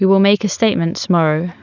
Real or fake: real